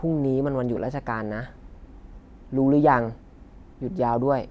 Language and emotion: Thai, neutral